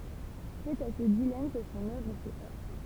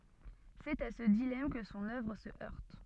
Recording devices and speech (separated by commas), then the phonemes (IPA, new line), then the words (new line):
temple vibration pickup, soft in-ear microphone, read sentence
sɛt a sə dilam kə sɔ̃n œvʁ sə œʁt
C'est à ce dilemme que son œuvre se heurte.